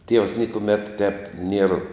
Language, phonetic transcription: Lithuanian, tievs ˈniekumet tep nier

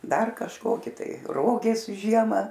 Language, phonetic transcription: Lithuanian, ˈdar kažˈkoki ˈtai ˈrogės ˈžiema

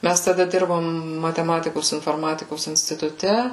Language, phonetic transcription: Lithuanian, ˈmæs taˈda ˈdirbom mateˈmatikos inforˈmatikos instituˈte

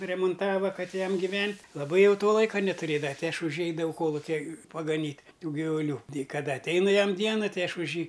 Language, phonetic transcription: Lithuanian, remunˈtava ˈkad ˈjam giˈvent' laˈbai ˈjau ˈto ˈlaika netuˈrėdava ˈti ˈaš už jį ˈeidavau ˈkolukia pagaˈnyt' ˈtų givuˈlių tei kaˈda atˈeinu ˈjam ˈdiena ˈtai ˈaš už ˈjį

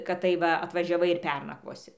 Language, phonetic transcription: Lithuanian, kad ˈtaip va atvažiaˈvai ir ˈpernakvosi

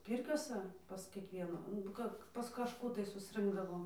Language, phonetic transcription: Lithuanian, ˈpyrkiosa pas kiekˈvienu nu ˈka pas kažˈkų tai susˈrɨnkdavom

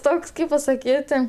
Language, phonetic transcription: Lithuanian, ˈtoks ˈkaip pasaˈkyti

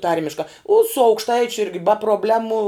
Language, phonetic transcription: Lithuanian, ˈtarmiška u su aukšˈtaičiu ˈirgi ba probˈlemu

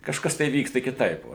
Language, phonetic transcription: Lithuanian, kažˈkas tai ˈvyksta kiˈtaip ˈvo

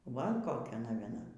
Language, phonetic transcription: Lithuanian, ˈva ˈkokia navieˈna

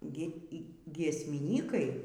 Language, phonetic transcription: Lithuanian, gi y giesmiˈnykai

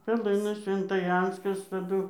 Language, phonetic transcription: Lithuanian, peˈlɨnas sventaˈjanskas taˈdu

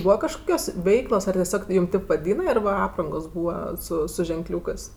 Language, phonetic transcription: Lithuanian, ˈbūva kažˈkokios ˈveiklos ar teˈsiog ˈjūm ˈtėp vaˈdyna ir va ˈaprangos ˈbūva ˈsu su ženˈkliūkɜs

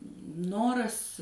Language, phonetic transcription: Lithuanian, ˈnoras

